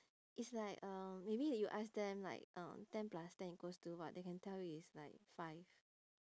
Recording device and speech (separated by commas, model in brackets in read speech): standing microphone, conversation in separate rooms